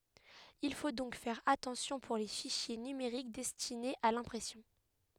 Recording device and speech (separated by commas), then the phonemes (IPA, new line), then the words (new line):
headset microphone, read sentence
il fo dɔ̃k fɛʁ atɑ̃sjɔ̃ puʁ le fiʃje nymeʁik dɛstinez a lɛ̃pʁɛsjɔ̃
Il faut donc faire attention pour les fichiers numériques destinés à l'impression.